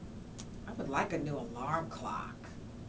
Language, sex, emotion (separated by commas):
English, female, neutral